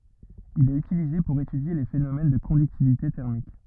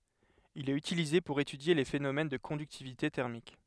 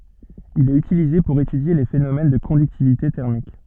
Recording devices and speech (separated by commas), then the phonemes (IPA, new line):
rigid in-ear microphone, headset microphone, soft in-ear microphone, read sentence
il ɛt ytilize puʁ etydje le fenomɛn də kɔ̃dyktivite tɛʁmik